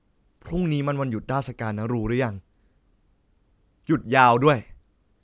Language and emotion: Thai, frustrated